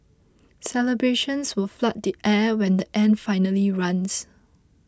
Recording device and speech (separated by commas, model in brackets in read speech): close-talking microphone (WH20), read sentence